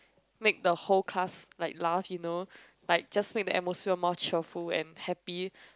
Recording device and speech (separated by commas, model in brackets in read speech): close-talking microphone, conversation in the same room